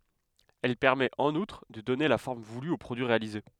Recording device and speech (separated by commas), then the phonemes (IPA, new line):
headset microphone, read sentence
ɛl pɛʁmɛt ɑ̃n utʁ də dɔne la fɔʁm vuly o pʁodyi ʁealize